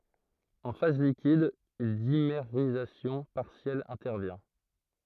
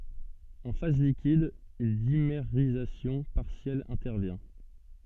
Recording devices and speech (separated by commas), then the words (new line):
throat microphone, soft in-ear microphone, read sentence
En phase liquide, une dimérisation partielle intervient.